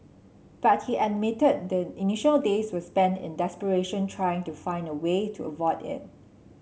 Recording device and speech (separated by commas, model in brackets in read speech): mobile phone (Samsung C7), read sentence